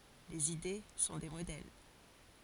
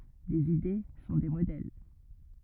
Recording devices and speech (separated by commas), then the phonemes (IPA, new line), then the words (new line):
forehead accelerometer, rigid in-ear microphone, read sentence
lez ide sɔ̃ de modɛl
Les idées sont des modèles.